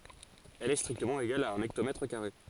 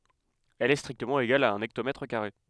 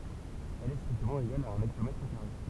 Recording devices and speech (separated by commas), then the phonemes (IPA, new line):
forehead accelerometer, headset microphone, temple vibration pickup, read sentence
ɛl ɛ stʁiktəmɑ̃ eɡal a œ̃n ɛktomɛtʁ kaʁe